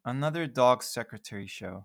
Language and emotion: English, sad